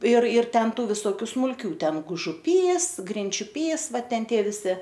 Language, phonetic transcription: Lithuanian, ir ir ˈten ˈtų visoˈkių smulˈkių ˈten gužuˈpys grinčiuˈpys ˈvat ˈten ˈtie viˈsi

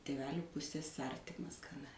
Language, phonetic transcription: Lithuanian, tėˈvelių ˈpusės ˈartimas gaˈna

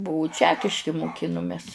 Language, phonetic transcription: Lithuanian, ˈbuvu ˈčekiški muˈkinumes

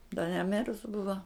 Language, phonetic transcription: Lithuanian, da neˈmirus ˈbuva

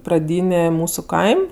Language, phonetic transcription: Lithuanian, praˈdynė ˈmūsu ˈkaim'

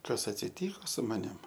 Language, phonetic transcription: Lithuanian, ˈkas atsiˈtyko su maˈnim

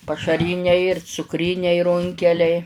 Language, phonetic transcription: Lithuanian, pašaˈryniai ir cukˈryniai ˈrunkeliai

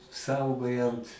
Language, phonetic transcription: Lithuanian, ˈsaugojant

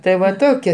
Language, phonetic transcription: Lithuanian, tai ˈva ˈtokia

